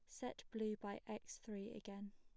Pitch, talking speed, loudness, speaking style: 210 Hz, 185 wpm, -49 LUFS, plain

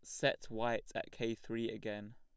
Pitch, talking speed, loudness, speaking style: 115 Hz, 185 wpm, -40 LUFS, plain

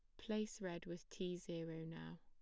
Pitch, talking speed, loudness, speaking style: 170 Hz, 180 wpm, -48 LUFS, plain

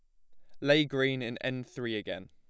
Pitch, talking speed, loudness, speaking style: 130 Hz, 215 wpm, -31 LUFS, plain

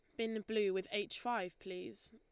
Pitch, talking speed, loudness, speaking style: 215 Hz, 190 wpm, -40 LUFS, Lombard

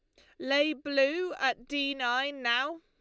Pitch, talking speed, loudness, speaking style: 280 Hz, 150 wpm, -29 LUFS, Lombard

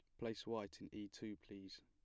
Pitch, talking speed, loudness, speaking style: 105 Hz, 220 wpm, -50 LUFS, plain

